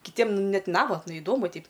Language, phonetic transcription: Lithuanian, kiˈtiem ˈnet ˈnavatna iˈdomu ˈteip

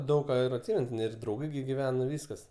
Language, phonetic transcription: Lithuanian, ˈdaug ka ir atˈsimen ir drauˈgai gi giˈvena ˈvyskas

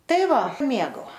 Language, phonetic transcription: Lithuanian, ˈtai ˈva ˈmėgau

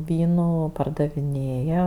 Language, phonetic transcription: Lithuanian, ˈvynų pardaviˈnėja

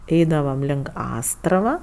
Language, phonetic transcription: Lithuanian, ˈeidavam link ˈastrava

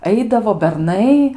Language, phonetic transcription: Lithuanian, ˈaidavo berˈnai

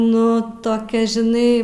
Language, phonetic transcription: Lithuanian, nu toˈkia žiˈnai

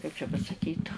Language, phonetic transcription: Lithuanian, kaip čia pasaˈkyt

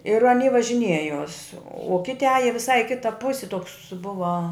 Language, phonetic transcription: Lithuanian, ir aˈny važiˈniejos u ˈkiti ˈaja viˈsai i ˈkita ˈpusi toks ˈbuva

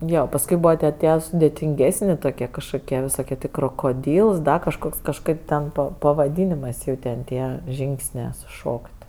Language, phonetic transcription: Lithuanian, ˈjo pasˈkui ˈbūva tie ˈtie sudėtinˈgesni toˈkie kažkoˈkie visoˈkie ˈtė krokoˈdyls ˈda kažˈkoks kažˈkaip ten ˈpa pavaˈdynėmɜs ˈjau ten ˈtie ˈžyngsnė suˈšok't'

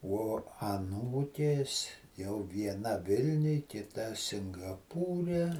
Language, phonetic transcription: Lithuanian, uo aˈnūkės jau vieˈna ˈvilniuj kita singaˈpūre

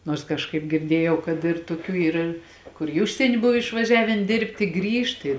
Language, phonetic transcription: Lithuanian, ˈnuors kažˈkaip girˈdiejau kad ir tuˈkių ˈyr ˈkur i ˈužsieni ˈbuv išvaˈžiavėn ˈdėrbti ˈgrįžt ˈi

